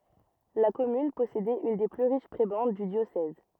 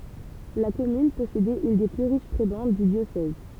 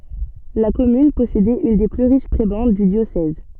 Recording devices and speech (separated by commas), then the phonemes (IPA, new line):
rigid in-ear microphone, temple vibration pickup, soft in-ear microphone, read sentence
la kɔmyn pɔsedɛt yn de ply ʁiʃ pʁebɑ̃d dy djosɛz